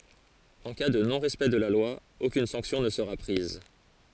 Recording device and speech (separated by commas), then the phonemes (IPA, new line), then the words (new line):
forehead accelerometer, read sentence
ɑ̃ ka də nɔ̃ ʁɛspɛkt də la lwa okyn sɑ̃ksjɔ̃ nə səʁa pʁiz
En cas de non-respect de la loi, aucune sanction ne sera prise.